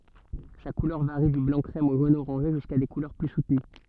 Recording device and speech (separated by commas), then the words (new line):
soft in-ear microphone, read sentence
Sa couleur varie du blanc-crème au jaune-orangé, jusqu'à des couleurs plus soutenues.